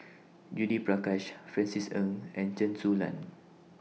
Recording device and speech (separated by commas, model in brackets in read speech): mobile phone (iPhone 6), read sentence